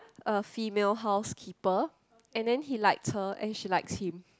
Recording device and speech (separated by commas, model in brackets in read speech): close-talking microphone, conversation in the same room